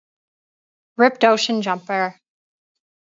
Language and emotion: English, happy